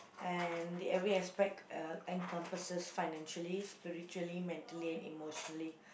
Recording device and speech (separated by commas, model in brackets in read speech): boundary microphone, conversation in the same room